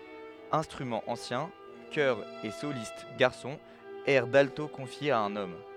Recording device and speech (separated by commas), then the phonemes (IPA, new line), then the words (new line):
headset microphone, read sentence
ɛ̃stʁymɑ̃z ɑ̃sjɛ̃ kœʁz e solist ɡaʁsɔ̃z ɛʁ dalto kɔ̃fjez a œ̃n ɔm
Instruments anciens, chœurs et solistes garçons, airs d’alto confiés à un homme.